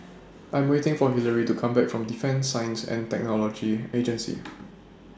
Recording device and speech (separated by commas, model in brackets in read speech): standing microphone (AKG C214), read sentence